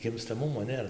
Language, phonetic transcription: Lithuanian, gimstaˈmumo ˈnėra

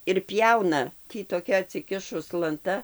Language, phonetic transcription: Lithuanian, ir ˈpjauna ˈtį toˈkia atsiˈkišus lanˈta

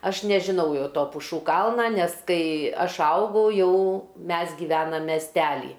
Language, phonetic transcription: Lithuanian, ˈaš nežiˈnau ˈjau ˈto puˈšų ˈkalna ˈnes ˈkai ˈaš ˈaugau ˈjau ˈmes giˈvenam mesˈtely

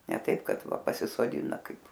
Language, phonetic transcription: Lithuanian, ne ˈtaip ˈkad ˈva pasisoˈdina ˈkaip

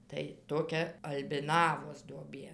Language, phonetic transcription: Lithuanian, tai toˈkia albiˈnavos duoˈbė

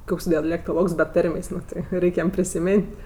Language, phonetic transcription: Lithuanian, ˈkoks dialektoˈlogs be ˈtarmės' ˈnu ti ˈreik' ˈjam prisiˈmėn't'

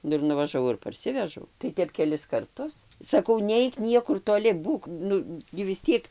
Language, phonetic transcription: Lithuanian, ˈnu ir nuvažaˈvau ir parˈsivežau tai ˈtep keˈlis karˈtus saˈkau ˈneik ˈniekur toˈli ˈbūk ˈnu gi vis ˈtiek

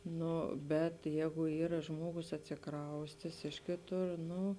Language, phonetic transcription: Lithuanian, ˈno bet ˈjēgu ˈyra ˈžmuogus atsiˈkraustės ˈiš kėˌtur ˈnu

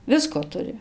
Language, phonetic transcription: Lithuanian, ˈvisko ˈturi

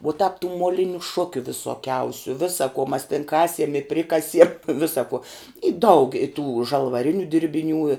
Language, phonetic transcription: Lithuanian, uo tāp tų moˈliniu ˈšukiu visoˈkiausiu ˈ visa kuo mas tin ˈkasiem i ˈprikasiem ˈvisa kuo i daug i tų žalvaˈriniu dirbiˈnių i

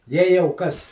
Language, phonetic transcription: Lithuanian, jei jau ˈkas

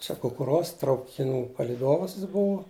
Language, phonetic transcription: Lithuanian, ˈčia kukuˈruos traukiˈnų palyˈdovas jis ˈbuvu

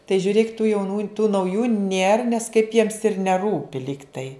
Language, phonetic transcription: Lithuanian, tai žiuˈrėk tų jauˈnų tų nauˈjų nėr nes kaip jiems ir neˈrūpi ˈlygtai

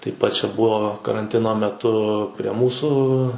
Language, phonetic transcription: Lithuanian, taip ˈpat čia ˈbuo karanˈtino meˈtu prie ˈmūsų

